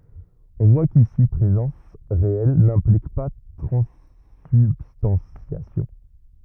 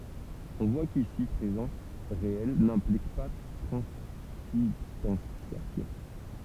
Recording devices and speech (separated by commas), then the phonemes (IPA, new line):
rigid in-ear microphone, temple vibration pickup, read sentence
ɔ̃ vwa kisi pʁezɑ̃s ʁeɛl nɛ̃plik pa tʁɑ̃sybstɑ̃sjasjɔ̃